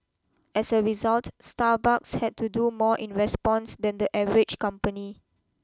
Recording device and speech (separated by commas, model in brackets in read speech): close-talking microphone (WH20), read sentence